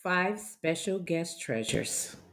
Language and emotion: English, surprised